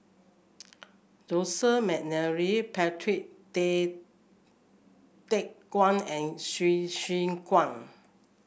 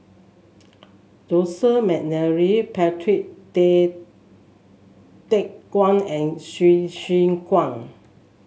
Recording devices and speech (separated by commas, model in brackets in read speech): boundary microphone (BM630), mobile phone (Samsung S8), read sentence